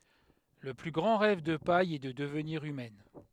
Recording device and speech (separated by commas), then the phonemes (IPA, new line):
headset microphone, read sentence
lə ply ɡʁɑ̃ ʁɛv də paj ɛ də dəvniʁ ymɛn